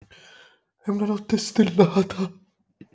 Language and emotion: Italian, fearful